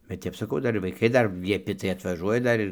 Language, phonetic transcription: Lithuanian, bet ˈtep saˈkau ˈdar ir vaiˈkai ˈdar lieˈpi tai atvaˈžuoja ˈdar ir

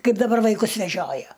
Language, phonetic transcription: Lithuanian, ˈkaip daˈbar vaiˈkus veˈžioja

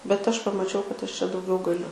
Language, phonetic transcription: Lithuanian, bet ˈaš pamaˈčiau kad ˈaš čia dauˈgiau gaˈliu

